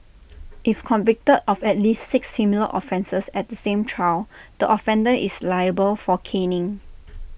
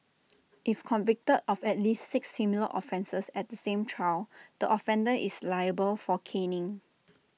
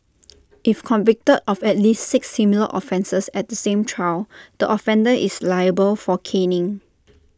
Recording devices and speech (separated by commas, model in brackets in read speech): boundary microphone (BM630), mobile phone (iPhone 6), standing microphone (AKG C214), read sentence